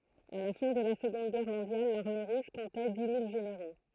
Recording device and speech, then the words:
throat microphone, read sentence
À la fin de la Seconde Guerre mondiale, l'Armée Rouge comptait dix mille généraux.

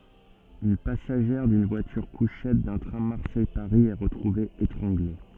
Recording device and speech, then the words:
soft in-ear microphone, read sentence
Une passagère d'une voiture-couchettes d’un train Marseille-Paris est retrouvée étranglée.

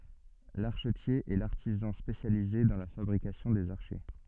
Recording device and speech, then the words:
soft in-ear microphone, read sentence
L'archetier est l'artisan spécialisé dans la fabrication des archets.

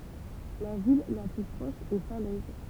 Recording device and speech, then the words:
temple vibration pickup, read sentence
La ville la plus proche est Falaise.

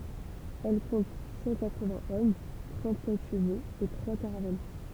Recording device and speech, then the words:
temple vibration pickup, read sentence
Elle compte cent quatre-vingts hommes, trente-sept chevaux et trois caravelles.

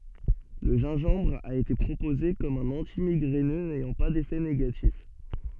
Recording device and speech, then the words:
soft in-ear microphone, read sentence
Le gingembre a été proposé comme un antimigraineux n'ayant pas d'effet négatif.

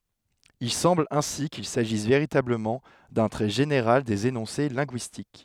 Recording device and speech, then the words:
headset microphone, read sentence
Il semble ainsi qu'il s'agisse véritablement d'un trait général des énoncés linguistiques.

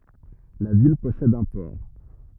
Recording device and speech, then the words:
rigid in-ear microphone, read sentence
La ville possède un port.

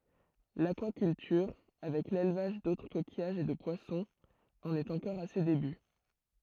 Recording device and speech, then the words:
throat microphone, read sentence
L'aquaculture, avec l'élevage d'autres coquillages et de poissons, en est encore à ses débuts.

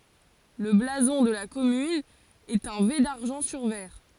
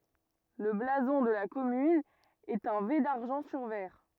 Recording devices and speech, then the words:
forehead accelerometer, rigid in-ear microphone, read sentence
Le blason de la commune est un V d'argent sur vert.

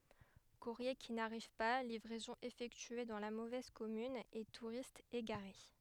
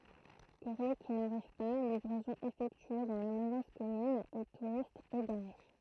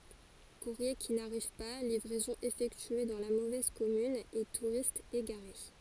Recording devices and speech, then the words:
headset microphone, throat microphone, forehead accelerometer, read sentence
Courriers qui n'arrivent pas, livraisons effectuées dans la mauvaise commune et touristes égarés.

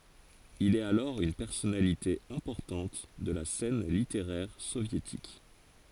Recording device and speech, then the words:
forehead accelerometer, read sentence
Il est alors une personnalité importante de la scène littéraire soviétique.

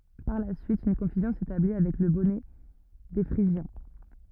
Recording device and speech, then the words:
rigid in-ear microphone, read sentence
Par la suite, une confusion s'établit avec le bonnet des Phrygiens.

